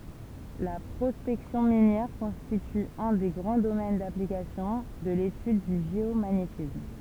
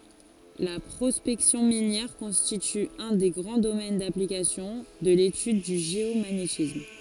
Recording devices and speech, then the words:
temple vibration pickup, forehead accelerometer, read sentence
La prospection minière constitue un des grands domaines d'application de l'étude du géomagnétisme.

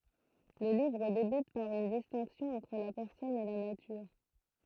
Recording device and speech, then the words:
throat microphone, read sentence
Le livre débute par une distinction entre la personne et la nature.

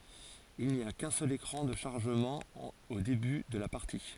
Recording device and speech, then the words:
forehead accelerometer, read sentence
Il n'y a qu'un seul écran de chargement au début de la partie.

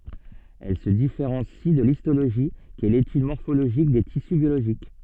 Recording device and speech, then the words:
soft in-ear microphone, read sentence
Elle se différencie de l'histologie, qui est l'étude morphologique des tissus biologiques.

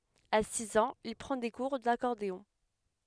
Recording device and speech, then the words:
headset microphone, read sentence
À six ans, il prend des cours d'accordéon.

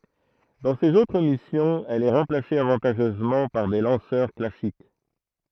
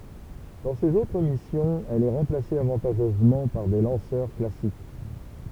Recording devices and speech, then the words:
throat microphone, temple vibration pickup, read sentence
Dans ses autres missions, elle est remplacée avantageusement par des lanceurs classiques.

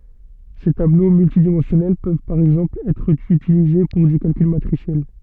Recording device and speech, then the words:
soft in-ear microphone, read sentence
Ces tableaux multidimensionnels peuvent par exemple être utilisés pour du calcul matriciel.

